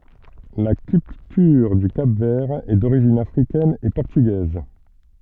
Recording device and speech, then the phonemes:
soft in-ear microphone, read sentence
la kyltyʁ dy kap vɛʁ ɛ doʁiʒin afʁikɛn e pɔʁtyɡɛz

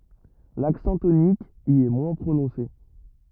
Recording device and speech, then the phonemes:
rigid in-ear microphone, read sentence
laksɑ̃ tonik i ɛ mwɛ̃ pʁonɔ̃se

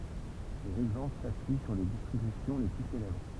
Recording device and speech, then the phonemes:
temple vibration pickup, read sentence
dez ɛɡzɑ̃pl sapyi syʁ le distʁibysjɔ̃ le ply selɛbʁ

